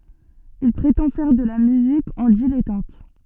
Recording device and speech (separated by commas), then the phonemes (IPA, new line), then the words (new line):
soft in-ear microphone, read sentence
il pʁetɑ̃ fɛʁ də la myzik ɑ̃ dilɛtɑ̃t
Il prétend faire de la musique en dilettante.